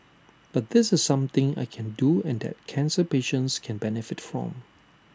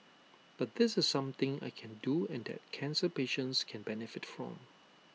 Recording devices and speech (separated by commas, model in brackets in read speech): standing microphone (AKG C214), mobile phone (iPhone 6), read sentence